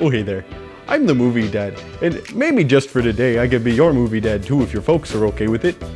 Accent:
Vaguely Canadian